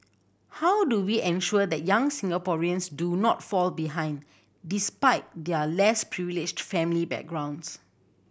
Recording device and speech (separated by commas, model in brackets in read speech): boundary microphone (BM630), read sentence